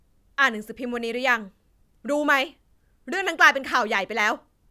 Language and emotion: Thai, angry